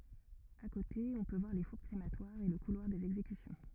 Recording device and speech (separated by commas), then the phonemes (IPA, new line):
rigid in-ear microphone, read sentence
a kote ɔ̃ pø vwaʁ le fuʁ kʁematwaʁz e lə kulwaʁ dez ɛɡzekysjɔ̃